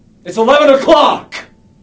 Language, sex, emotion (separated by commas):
English, male, angry